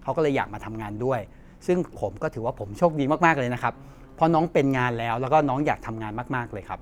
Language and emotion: Thai, happy